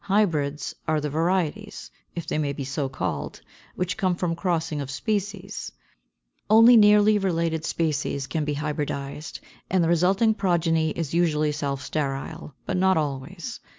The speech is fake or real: real